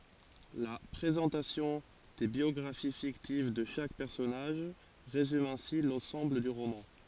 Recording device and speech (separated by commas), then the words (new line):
forehead accelerometer, read sentence
La présentation des biographies fictives de chaque personnage résume ainsi l’ensemble du roman.